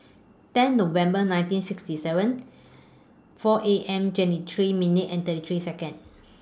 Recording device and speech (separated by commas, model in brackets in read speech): standing microphone (AKG C214), read sentence